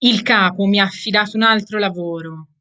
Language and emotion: Italian, angry